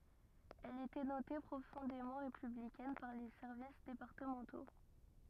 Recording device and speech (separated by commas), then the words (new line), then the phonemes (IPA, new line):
rigid in-ear microphone, read sentence
Elle était notée profondément républicaine par les services départementaux.
ɛl etɛ note pʁofɔ̃demɑ̃ ʁepyblikɛn paʁ le sɛʁvis depaʁtəmɑ̃to